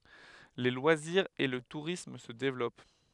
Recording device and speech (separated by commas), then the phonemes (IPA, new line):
headset microphone, read sentence
le lwaziʁz e lə tuʁism sə devlɔp